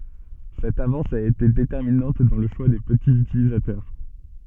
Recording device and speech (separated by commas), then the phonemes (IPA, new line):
soft in-ear microphone, read sentence
sɛt avɑ̃s a ete detɛʁminɑ̃t dɑ̃ lə ʃwa de pətiz ytilizatœʁ